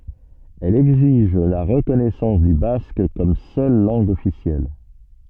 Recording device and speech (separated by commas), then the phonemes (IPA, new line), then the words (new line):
soft in-ear microphone, read sentence
ɛl ɛɡziʒ la ʁəkɔnɛsɑ̃s dy bask kɔm sœl lɑ̃ɡ ɔfisjɛl
Elle exige la reconnaissance du basque comme seule langue officielle.